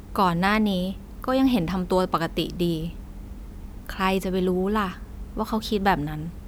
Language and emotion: Thai, neutral